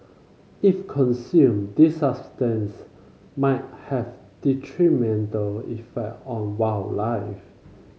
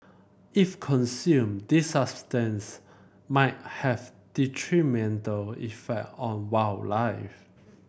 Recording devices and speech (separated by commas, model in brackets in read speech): mobile phone (Samsung C5), boundary microphone (BM630), read sentence